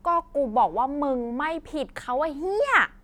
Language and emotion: Thai, angry